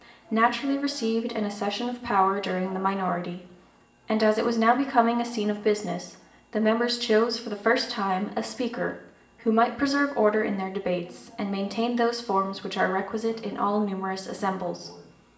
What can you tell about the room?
A sizeable room.